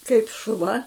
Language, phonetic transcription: Lithuanian, kaip šuˈva

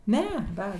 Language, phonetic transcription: Lithuanian, ˈne ˈda

